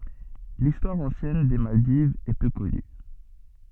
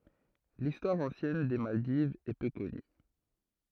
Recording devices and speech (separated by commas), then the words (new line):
soft in-ear microphone, throat microphone, read sentence
L'histoire ancienne des Maldives est peu connue.